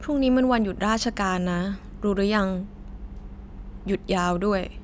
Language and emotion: Thai, neutral